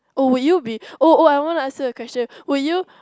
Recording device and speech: close-talking microphone, conversation in the same room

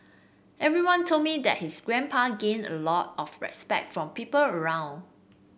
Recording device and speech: boundary microphone (BM630), read sentence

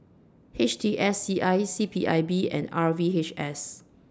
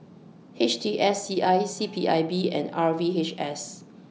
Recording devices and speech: standing microphone (AKG C214), mobile phone (iPhone 6), read sentence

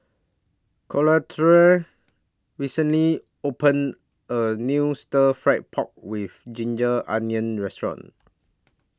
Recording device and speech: standing microphone (AKG C214), read sentence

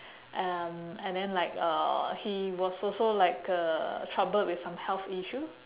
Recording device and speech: telephone, conversation in separate rooms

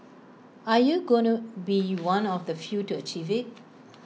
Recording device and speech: mobile phone (iPhone 6), read sentence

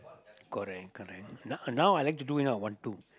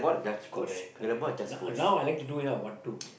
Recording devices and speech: close-talking microphone, boundary microphone, conversation in the same room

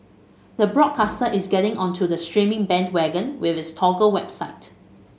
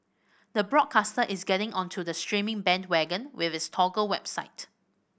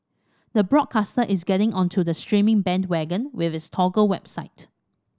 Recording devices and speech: mobile phone (Samsung S8), boundary microphone (BM630), standing microphone (AKG C214), read sentence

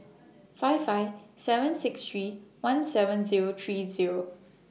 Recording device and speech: mobile phone (iPhone 6), read sentence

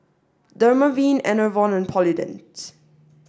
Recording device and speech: standing microphone (AKG C214), read sentence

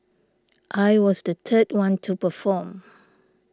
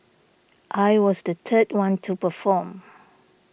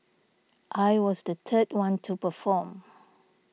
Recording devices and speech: standing microphone (AKG C214), boundary microphone (BM630), mobile phone (iPhone 6), read sentence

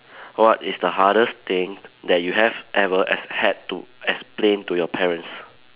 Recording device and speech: telephone, conversation in separate rooms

